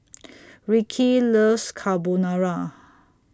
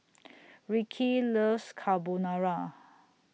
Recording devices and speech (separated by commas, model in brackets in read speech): standing microphone (AKG C214), mobile phone (iPhone 6), read sentence